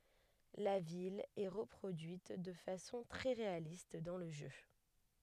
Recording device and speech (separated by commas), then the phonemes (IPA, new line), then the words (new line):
headset microphone, read sentence
la vil ɛ ʁəpʁodyit də fasɔ̃ tʁɛ ʁealist dɑ̃ lə ʒø
La ville est reproduite de façon très réaliste dans le jeu.